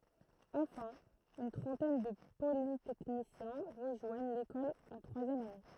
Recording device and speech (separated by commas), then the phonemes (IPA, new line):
throat microphone, read sentence
ɑ̃fɛ̃ yn tʁɑ̃tɛn də politɛknisjɛ̃ ʁəʒwaɲ lekɔl ɑ̃ tʁwazjɛm ane